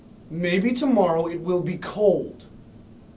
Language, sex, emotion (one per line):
English
male
neutral